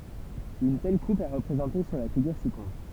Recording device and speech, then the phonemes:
temple vibration pickup, read sentence
yn tɛl kup ɛ ʁəpʁezɑ̃te syʁ la fiɡyʁ sikɔ̃tʁ

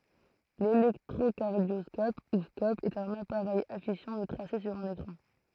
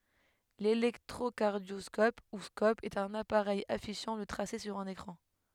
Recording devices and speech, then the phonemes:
throat microphone, headset microphone, read sentence
lelɛktʁokaʁdjɔskɔp u skɔp ɛt œ̃n apaʁɛj afiʃɑ̃ lə tʁase syʁ œ̃n ekʁɑ̃

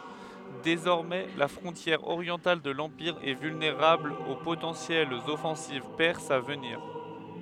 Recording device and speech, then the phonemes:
headset microphone, read sentence
dezɔʁmɛ la fʁɔ̃tjɛʁ oʁjɑ̃tal də lɑ̃piʁ ɛ vylneʁabl o potɑ̃sjɛlz ɔfɑ̃siv pɛʁsz a vəniʁ

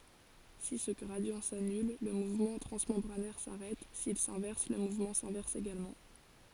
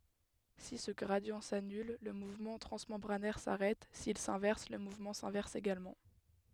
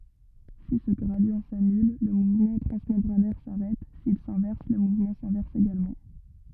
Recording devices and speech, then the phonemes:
forehead accelerometer, headset microphone, rigid in-ear microphone, read sentence
si sə ɡʁadi sanyl lə muvmɑ̃ tʁɑ̃smɑ̃bʁanɛʁ saʁɛt sil sɛ̃vɛʁs lə muvmɑ̃ sɛ̃vɛʁs eɡalmɑ̃

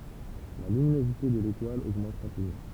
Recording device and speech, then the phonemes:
temple vibration pickup, read sentence
la lyminozite də letwal oɡmɑ̃t ʁapidmɑ̃

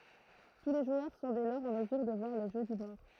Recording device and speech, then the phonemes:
throat microphone, read sentence
tu le ʒwœʁ sɔ̃ dɛ lɔʁz ɑ̃ məzyʁ də vwaʁ lə ʒø dy mɔʁ

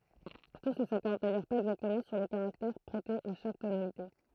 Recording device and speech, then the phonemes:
throat microphone, read sentence
tus nə sakɔʁd dajœʁ paz ɛɡzaktəmɑ̃ syʁ lə kaʁaktɛʁ pʁɛte a ʃak tonalite

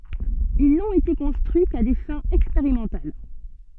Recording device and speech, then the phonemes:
soft in-ear microphone, read sentence
il nɔ̃t ete kɔ̃stʁyi ka de fɛ̃z ɛkspeʁimɑ̃tal

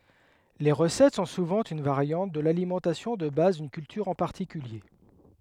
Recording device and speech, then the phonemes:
headset microphone, read sentence
le ʁəsɛt sɔ̃ suvɑ̃ yn vaʁjɑ̃t də lalimɑ̃tasjɔ̃ də baz dyn kyltyʁ ɑ̃ paʁtikylje

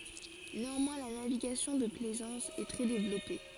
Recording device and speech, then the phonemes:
forehead accelerometer, read sentence
neɑ̃mwɛ̃ la naviɡasjɔ̃ də plɛzɑ̃s ɛ tʁɛ devlɔpe

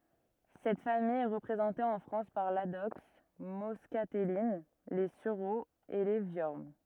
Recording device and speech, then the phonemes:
rigid in-ear microphone, read sentence
sɛt famij ɛ ʁəpʁezɑ̃te ɑ̃ fʁɑ̃s paʁ ladɔks mɔskatɛlin le syʁoz e le vjɔʁn

